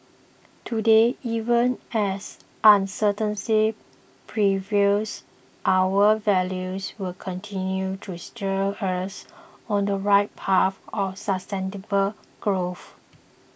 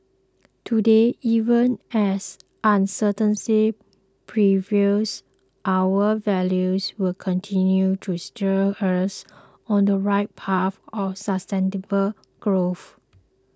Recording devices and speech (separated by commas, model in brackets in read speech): boundary microphone (BM630), close-talking microphone (WH20), read sentence